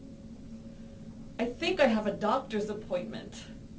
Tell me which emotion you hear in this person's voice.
neutral